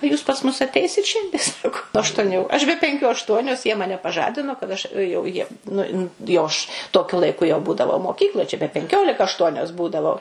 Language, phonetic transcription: Lithuanian, o ˈjūs pas mus atˈeisit ˈšiandie ˈsako aštuoˈnių aš be penˈkių ašˈtuonios jie ˈmane paˈžadino kad ˈaš jau ˈjiem nu nu jau ˈaš toˈkiu laiˈku jau ˈbūdavau moˈkykloj čia be penˈkiolika ašˈtuonios ˈbūdavau

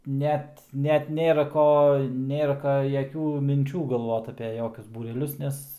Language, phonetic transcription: Lithuanian, ˈnet ˈnet ˈnėra ˈko ˈnėra jaˈkių minˈčių galˈvot ape ˈjokius būreˈlius ˈnes

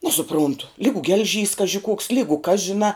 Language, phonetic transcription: Lithuanian, nesuˈpruntu ˈlygu gelˈžys ˈkaži kuoks ˈlygu kas žiˈnā

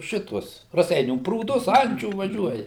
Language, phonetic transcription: Lithuanian, ˈšituos raˈseinių prūˈdus ˈančių vaˈžiuoja

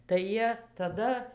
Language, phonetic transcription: Lithuanian, tai ˈjie taˈda

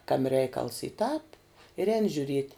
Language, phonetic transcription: Lithuanian, ˈkami ˈreikals y tāp ir ˈēni žiuˈriet'

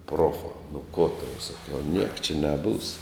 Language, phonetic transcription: Lithuanian, ˈprofā nu ˈko tau saˈkiau niek čia neˈbūs

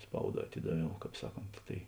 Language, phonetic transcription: Lithuanian, ˈspauˌdā aˈtidaˌviau ˈkāp ˈsaˌkont tai

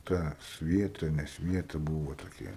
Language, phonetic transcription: Lithuanian, ˈta ˈsvieta ne ˈsvieta ˈbūvo toˈkia

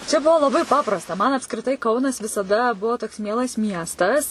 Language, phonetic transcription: Lithuanian, čia ˈbuvo laˈbai ˈpaprasta man apskriˈtai ˈkaunas visaˈda ˈbuvo toks ˈmielas ˈmiestas

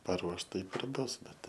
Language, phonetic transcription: Lithuanian, paˈruoš ˈtaip ir ˈbus ˈbet ˈtai

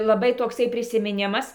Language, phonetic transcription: Lithuanian, laˈbai tokˈsai prisimiˈnimas

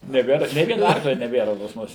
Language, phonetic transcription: Lithuanian, neˈbėr nė ˈviena ˈarklia neˈbėra pas ˈmus

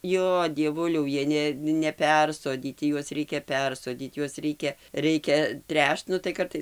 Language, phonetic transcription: Lithuanian, ˈjo dieˈvuliau ˈjie ˈne neˈpersodyti ˈjuos ˈreikia ˈpersodyt ˈjuos ˈreikia ˈreikia ˈtręšt ˈnu tai ˈkartais

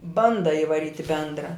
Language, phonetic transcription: Lithuanian, ˈbanda ivaˈryt' i ˈbendra

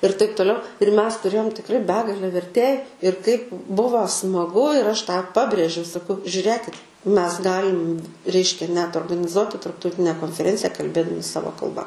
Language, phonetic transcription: Lithuanian, ir taip toˈliau ir ˈmes tuˈrėjom tikˈrai ˈbegale verˈtėj ir kaip ˈbuvo smaˈgu ir ˈaš tą ˈpabrėžiau saˈkau žiuˈrėkit ˈmes ˈgalim ˈreiškia net organiˈzuoti tarptauˈtine konfeˈrencija kalˈbėdami ˈsavo kalˈba

